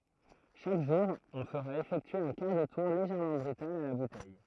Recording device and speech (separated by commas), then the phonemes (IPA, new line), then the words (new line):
throat microphone, read sentence
ʃak ʒuʁ ɔ̃ fəʁa efɛktye œ̃ kaʁ də tuʁ leʒɛʁmɑ̃ bʁytal a la butɛj
Chaque jour, on fera effectuer un quart de tour légèrement brutal à la bouteille.